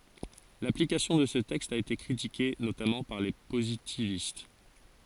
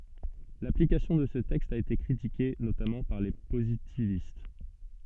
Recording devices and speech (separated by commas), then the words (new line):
forehead accelerometer, soft in-ear microphone, read sentence
L'application de ce texte a été critiquée, notamment par les positivistes.